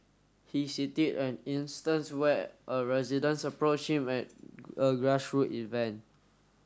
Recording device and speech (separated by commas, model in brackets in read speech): standing microphone (AKG C214), read sentence